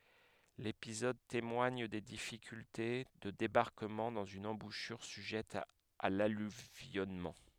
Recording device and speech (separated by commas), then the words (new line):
headset microphone, read sentence
L'épisode témoigne des difficultés de débarquement dans une embouchure sujette à l'alluvionnement.